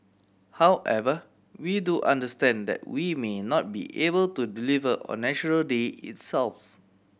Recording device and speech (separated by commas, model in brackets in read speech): boundary microphone (BM630), read sentence